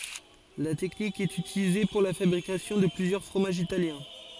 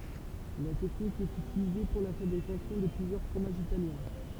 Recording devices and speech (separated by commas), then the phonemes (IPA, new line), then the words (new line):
forehead accelerometer, temple vibration pickup, read sentence
la tɛknik ɛt ytilize puʁ la fabʁikasjɔ̃ də plyzjœʁ fʁomaʒz italjɛ̃
La technique est utilisée pour la fabrication de plusieurs fromages italiens.